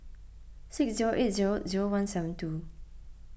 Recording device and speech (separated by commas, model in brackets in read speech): boundary microphone (BM630), read sentence